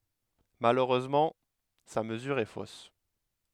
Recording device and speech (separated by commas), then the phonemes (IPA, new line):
headset microphone, read sentence
maløʁøzmɑ̃ sa məzyʁ ɛ fos